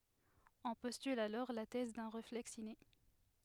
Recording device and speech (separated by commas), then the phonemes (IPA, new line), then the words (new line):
headset microphone, read sentence
ɔ̃ pɔstyl alɔʁ la tɛz dœ̃ ʁeflɛks ine
On postule alors la thèse d'un réflexe inné.